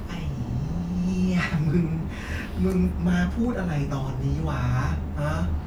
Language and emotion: Thai, frustrated